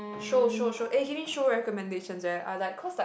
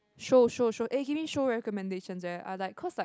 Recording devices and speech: boundary microphone, close-talking microphone, conversation in the same room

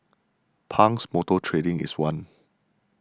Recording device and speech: standing microphone (AKG C214), read sentence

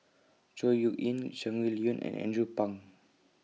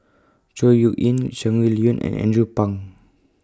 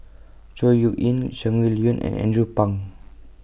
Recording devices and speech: mobile phone (iPhone 6), close-talking microphone (WH20), boundary microphone (BM630), read sentence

